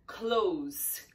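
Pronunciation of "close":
'Close' ends with an S sound. It is the adjective pronunciation, not the verb, which has a Z sound.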